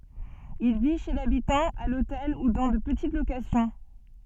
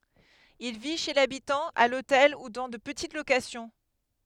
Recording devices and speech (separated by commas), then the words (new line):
soft in-ear microphone, headset microphone, read sentence
Il vit chez l'habitant, à l'hôtel ou dans de petites locations.